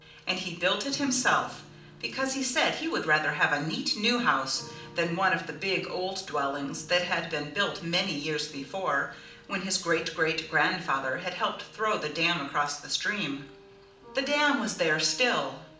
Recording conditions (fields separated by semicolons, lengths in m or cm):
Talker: one person; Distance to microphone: 2.0 m; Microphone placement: close; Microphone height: 99 cm; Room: medium-sized (5.7 m by 4.0 m); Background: music